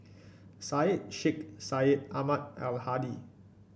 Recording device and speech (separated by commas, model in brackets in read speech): boundary microphone (BM630), read sentence